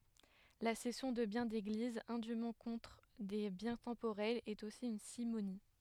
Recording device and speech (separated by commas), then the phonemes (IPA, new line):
headset microphone, read sentence
la sɛsjɔ̃ də bjɛ̃ deɡliz ɛ̃dym kɔ̃tʁ de bjɛ̃ tɑ̃poʁɛlz ɛt osi yn simoni